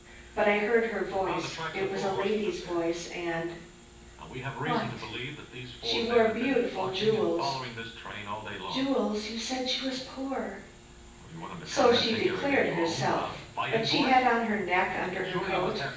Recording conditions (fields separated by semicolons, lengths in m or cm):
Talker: one person; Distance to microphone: 9.8 m; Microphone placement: far; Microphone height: 1.8 m; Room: large; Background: television